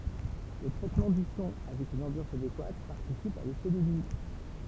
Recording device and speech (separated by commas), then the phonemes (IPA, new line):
temple vibration pickup, read sentence
lə tʁɛtmɑ̃ dy sɔ̃ avɛk yn ɑ̃bjɑ̃s adekwat paʁtisip a lefɛ də nyi